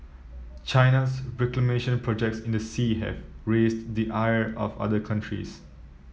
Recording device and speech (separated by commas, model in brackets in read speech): mobile phone (iPhone 7), read sentence